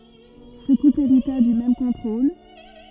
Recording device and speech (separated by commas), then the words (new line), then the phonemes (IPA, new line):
rigid in-ear microphone, read sentence
Ce couple hérita du même contrôle.
sə kupl eʁita dy mɛm kɔ̃tʁol